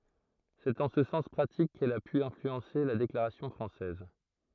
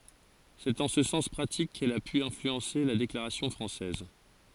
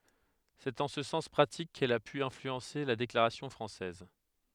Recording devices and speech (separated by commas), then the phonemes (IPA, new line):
throat microphone, forehead accelerometer, headset microphone, read sentence
sɛt ɑ̃ sə sɑ̃s pʁatik kɛl a py ɛ̃flyɑ̃se la deklaʁasjɔ̃ fʁɑ̃sɛz